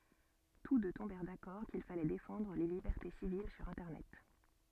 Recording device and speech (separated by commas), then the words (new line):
soft in-ear microphone, read sentence
Tous deux tombèrent d'accord qu'il fallait défendre les libertés civiles sur Internet.